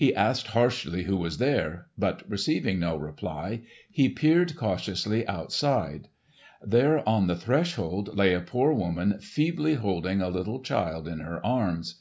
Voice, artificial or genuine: genuine